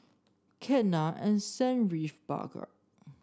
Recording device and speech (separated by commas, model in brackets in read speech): standing microphone (AKG C214), read sentence